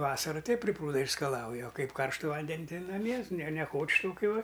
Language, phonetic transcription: Lithuanian, ˈvasaru ˈteip pri ˈprūda išskaˈlauja o ˈkaip ˈkarštuˈ ˈvanden' ˈtai naˈmie ne neˈkoč' ˈtokiu ˈva

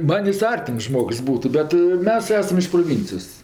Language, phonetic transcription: Lithuanian, ˈman' ˈjis ˈartims ˈžmogs ˈbūtu ˈbet ˈmes ˈesam iš proˈvincijos

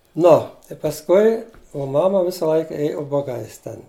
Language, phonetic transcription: Lithuanian, ˈno i pasˈkui o ˈmama ˈvisa ˈlaika ˈėju ubaˈgais ˈten

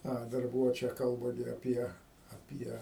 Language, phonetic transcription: Lithuanian, ˈa dar ˈbūvo ˈčia ˈkalba gi aˈpie aˈpie

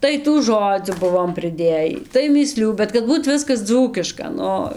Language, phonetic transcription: Lithuanian, ˈtai tų ˈžodzių ˈbuvom priˈdėjį tai mįˈslių bet kad ˈbūt ˈviskas ˈdzūkiška ˈnu

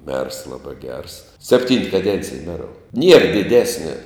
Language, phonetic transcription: Lithuanian, mers ˈlabā gers sepˈtynt kaˈdencij ˈmerou nier diˈdesnia

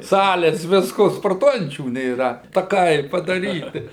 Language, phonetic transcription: Lithuanian, ˈsalės ˈvisko sporˈtuojančių nėˈra taˈkai padaˈryti

